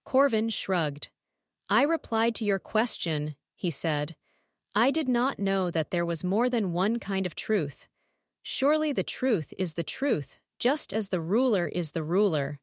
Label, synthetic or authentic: synthetic